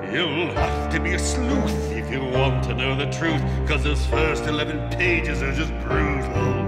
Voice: sinister voice